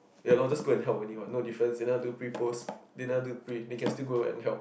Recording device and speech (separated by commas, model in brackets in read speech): boundary microphone, conversation in the same room